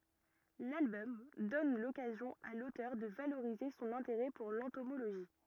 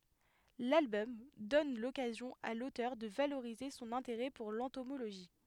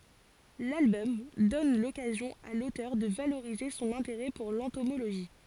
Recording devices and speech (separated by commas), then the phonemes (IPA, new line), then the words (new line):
rigid in-ear microphone, headset microphone, forehead accelerometer, read sentence
lalbɔm dɔn lɔkazjɔ̃ a lotœʁ də valoʁize sɔ̃n ɛ̃teʁɛ puʁ lɑ̃tomoloʒi
L'album donne l'occasion à l'auteur de valoriser son intérêt pour l'entomologie.